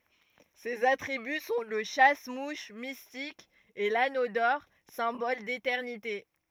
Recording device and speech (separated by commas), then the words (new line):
rigid in-ear microphone, read sentence
Ses attributs sont le chasse-mouches mystique et l'anneau d'or, symbole d'éternité.